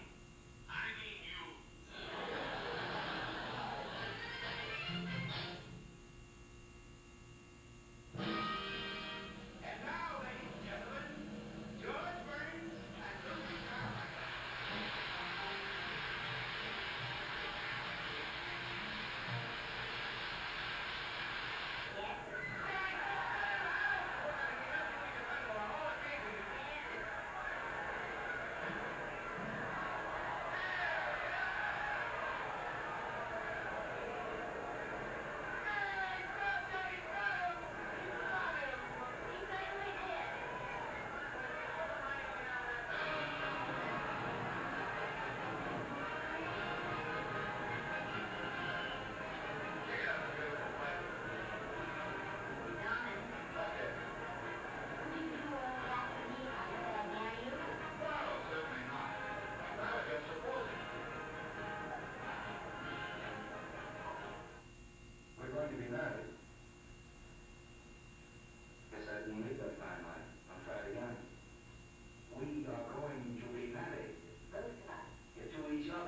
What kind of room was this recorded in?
A large space.